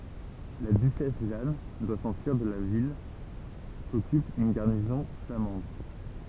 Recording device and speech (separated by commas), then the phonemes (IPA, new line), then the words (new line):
temple vibration pickup, read sentence
la dyʃɛs ʒan dwa sɑ̃fyiʁ də la vil kɔkyp yn ɡaʁnizɔ̃ flamɑ̃d
La duchesse Jeanne doit s'enfuir de la ville, qu'occupe une garnison flamande.